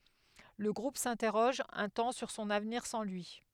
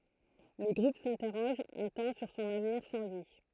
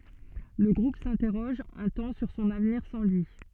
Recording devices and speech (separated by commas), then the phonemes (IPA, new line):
headset microphone, throat microphone, soft in-ear microphone, read sentence
lə ɡʁup sɛ̃tɛʁɔʒ œ̃ tɑ̃ syʁ sɔ̃n avniʁ sɑ̃ lyi